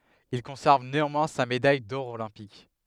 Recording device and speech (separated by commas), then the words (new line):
headset microphone, read sentence
Il conserve néanmoins sa médaille d'or olympique.